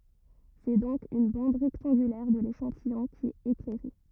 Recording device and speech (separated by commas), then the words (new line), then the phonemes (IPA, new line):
rigid in-ear microphone, read sentence
C'est donc une bande rectangulaire de l'échantillon qui est éclairée.
sɛ dɔ̃k yn bɑ̃d ʁɛktɑ̃ɡylɛʁ də leʃɑ̃tijɔ̃ ki ɛt eklɛʁe